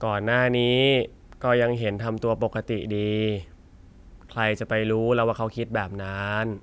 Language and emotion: Thai, frustrated